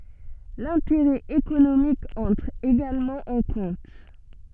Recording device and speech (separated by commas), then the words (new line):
soft in-ear microphone, read sentence
L'intérêt économique entre également en compte.